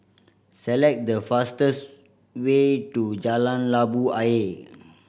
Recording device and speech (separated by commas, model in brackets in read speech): boundary microphone (BM630), read sentence